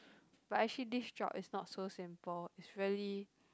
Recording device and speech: close-talking microphone, conversation in the same room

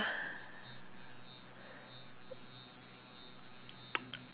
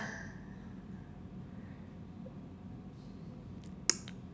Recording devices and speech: telephone, standing microphone, conversation in separate rooms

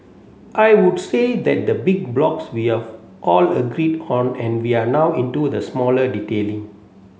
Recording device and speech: mobile phone (Samsung C7), read sentence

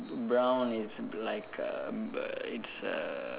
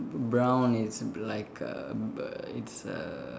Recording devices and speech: telephone, standing microphone, conversation in separate rooms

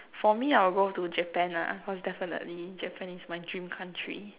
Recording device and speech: telephone, conversation in separate rooms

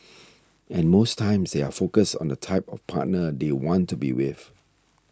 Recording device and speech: standing microphone (AKG C214), read sentence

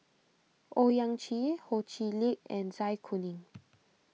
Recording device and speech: mobile phone (iPhone 6), read sentence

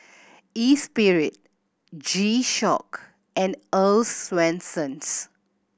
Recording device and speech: boundary microphone (BM630), read sentence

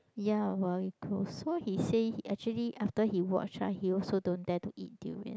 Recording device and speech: close-talking microphone, conversation in the same room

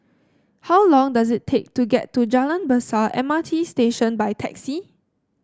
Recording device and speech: standing microphone (AKG C214), read sentence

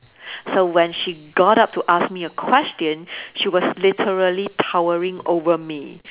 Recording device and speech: telephone, conversation in separate rooms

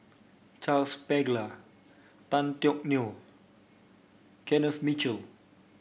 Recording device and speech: boundary microphone (BM630), read sentence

